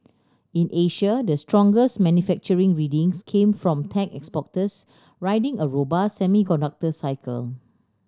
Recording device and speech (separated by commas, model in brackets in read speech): standing microphone (AKG C214), read sentence